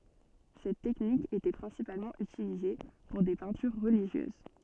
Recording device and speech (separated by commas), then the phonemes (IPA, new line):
soft in-ear microphone, read sentence
sɛt tɛknik etɛ pʁɛ̃sipalmɑ̃ ytilize puʁ de pɛ̃tyʁ ʁəliʒjøz